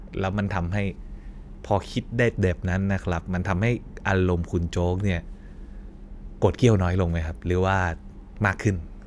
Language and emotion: Thai, neutral